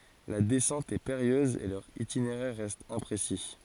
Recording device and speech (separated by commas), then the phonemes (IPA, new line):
forehead accelerometer, read sentence
la dɛsɑ̃t ɛ peʁijøz e lœʁ itineʁɛʁ ʁɛst ɛ̃pʁesi